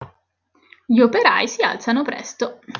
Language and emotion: Italian, neutral